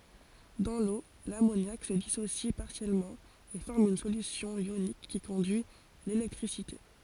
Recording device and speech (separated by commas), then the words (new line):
forehead accelerometer, read sentence
Dans l'eau, l'ammoniac se dissocie partiellement et forme une solution ionique qui conduit l'électricité.